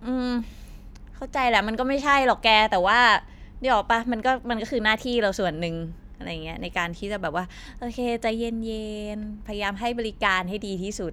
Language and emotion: Thai, frustrated